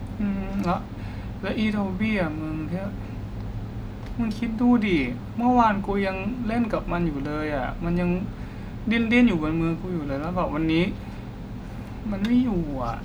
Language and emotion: Thai, sad